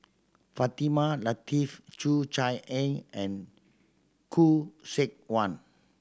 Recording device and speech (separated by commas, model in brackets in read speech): standing microphone (AKG C214), read sentence